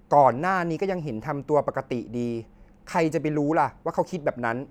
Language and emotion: Thai, frustrated